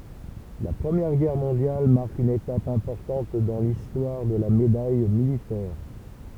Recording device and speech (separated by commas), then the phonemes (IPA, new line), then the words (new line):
temple vibration pickup, read sentence
la pʁəmjɛʁ ɡɛʁ mɔ̃djal maʁk yn etap ɛ̃pɔʁtɑ̃t dɑ̃ listwaʁ də la medaj militɛʁ
La Première Guerre mondiale marque une étape importante dans l’histoire de la Médaille militaire.